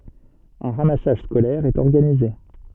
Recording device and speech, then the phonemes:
soft in-ear microphone, read sentence
œ̃ ʁamasaʒ skolɛʁ ɛt ɔʁɡanize

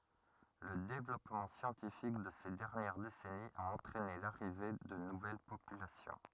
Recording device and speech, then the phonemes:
rigid in-ear microphone, read sentence
lə devlɔpmɑ̃ sjɑ̃tifik də se dɛʁnjɛʁ desɛniz a ɑ̃tʁɛne laʁive də nuvɛl popylasjɔ̃

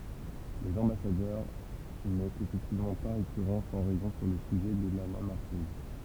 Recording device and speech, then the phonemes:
temple vibration pickup, read sentence
lez ɑ̃basadœʁ nɛt efɛktivmɑ̃ pa ʁekyʁɑ̃ sɑ̃ ʁɛzɔ̃ syʁ lə syʒɛ də lanamɔʁfɔz

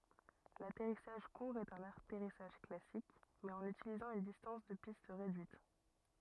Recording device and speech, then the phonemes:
rigid in-ear microphone, read sentence
latɛʁisaʒ kuʁ ɛt œ̃n atɛʁisaʒ klasik mɛz ɑ̃n ytilizɑ̃ yn distɑ̃s də pist ʁedyit

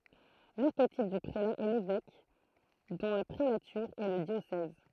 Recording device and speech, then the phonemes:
throat microphone, read sentence
laʁketip dy pʁela ɛ levɛk dɔ̃ la pʁelatyʁ ɛ lə djosɛz

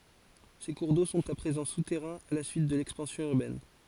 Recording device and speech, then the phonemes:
forehead accelerometer, read sentence
se kuʁ do sɔ̃t a pʁezɑ̃ sutɛʁɛ̃z a la syit də lɛkspɑ̃sjɔ̃ yʁbɛn

